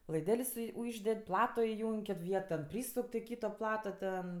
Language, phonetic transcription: Lithuanian, laiˈdel's' sui ˈužded' ˈplato iˈjung' kit ˈviet ten ˈprysuk' to ˈkyto ˈplato ten

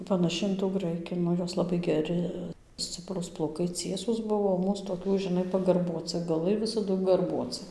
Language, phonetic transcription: Lithuanian, panaˈši in tų ˈgraiki ˈnu ˈjos laˈbai geˈri ˈsciprūs plauˈkai ˈciesūs ˈbuvo o ˈmūs toˈkių žiˈnai pagarˈbuocɨ gaˈlai visaˈdu garbuocɨ

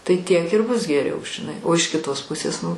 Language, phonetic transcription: Lithuanian, tai tiek ir bus geˈriau žiˈnai o iš kiˈtos ˈpusės nu

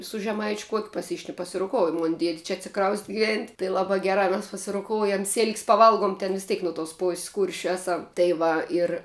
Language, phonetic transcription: Lithuanian, su žeˈmaičiu ˈkuokiu paˈsišn pasiroˈkouju ˈmon ˈdied' čia atsiˈkraust' giˈvent' tai ˈlabā ˈgerā mes pasiroˈkoujam sil'k's' paˈvalgum ten vis ˈtėk no tos ˈpos's' ˈkūršiu ˈeˌsam tai ˈva ir

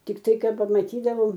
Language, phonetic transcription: Lithuanian, tikˈtai ˈkad pamatyˈdavom

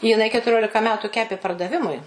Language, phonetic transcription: Lithuanian, jiˈnai ketuˈriolika ˈmetu ˈkepė pardaˈvimui

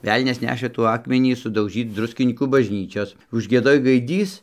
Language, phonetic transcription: Lithuanian, ˈvelnias ˈnešɘ ˈtų ˈakmenį sudauˈžyc ˈdruskinykų bažˈnyčios užgieˈdoj gaiˈdys

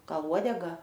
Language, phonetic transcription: Lithuanian, ˈgal ˈuodega

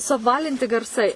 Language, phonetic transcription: Lithuanian, suapˈvalinti garˈsai

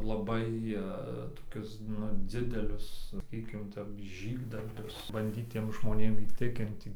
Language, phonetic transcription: Lithuanian, laˈbai toˈkius ˈnu ˈdzidelius saˈkykim ˈtep ˈžygdarbius banˈdyt ˈtiem žmoˈnėm įˈtikinti

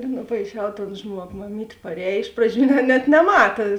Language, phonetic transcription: Lithuanian, nupaiˈšiau ton ˈžmuogo maˈmyt' parˈēj ˈiš praˌdžių net neˈmata

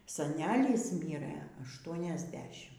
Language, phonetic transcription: Lithuanian, saˈnelys ˈmyrɘ ašˌtuoniasˈdešim

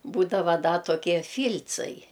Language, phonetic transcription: Lithuanian, ˈbūdava ˈda toˈkie ˈfyl'cai

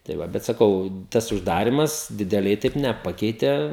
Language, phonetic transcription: Lithuanian, tai ˈva bet saˈkau ˈtas užˈdarimas dideˈliai ˈtaip neˈpakeite

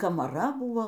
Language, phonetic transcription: Lithuanian, kamaˈra ˈbūo

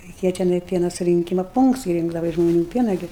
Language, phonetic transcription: Lithuanian, reiˈkėja teˈnai ˈpiena surinˈkyma ˈpūnkts i ˈringdava iš žmoˈnių ˈpiena ˈgi

